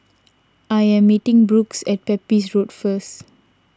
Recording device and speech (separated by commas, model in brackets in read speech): standing microphone (AKG C214), read sentence